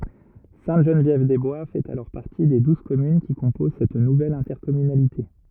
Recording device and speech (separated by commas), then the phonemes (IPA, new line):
rigid in-ear microphone, read sentence
sɛ̃təʒənvjɛvdɛzbwa fɛt alɔʁ paʁti de duz kɔmyn ki kɔ̃poz sɛt nuvɛl ɛ̃tɛʁkɔmynalite